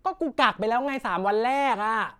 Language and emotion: Thai, angry